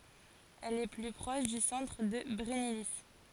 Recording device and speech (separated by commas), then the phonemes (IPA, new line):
forehead accelerometer, read sentence
ɛl ɛ ply pʁɔʃ dy sɑ̃tʁ də bʁɛnili